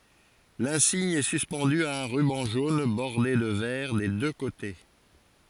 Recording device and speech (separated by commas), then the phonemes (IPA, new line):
forehead accelerometer, read sentence
lɛ̃siɲ ɛ syspɑ̃dy a œ̃ ʁybɑ̃ ʒon bɔʁde də vɛʁ de dø kote